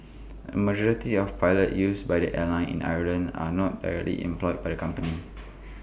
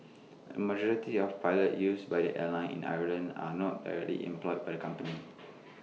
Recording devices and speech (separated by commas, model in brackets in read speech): boundary microphone (BM630), mobile phone (iPhone 6), read sentence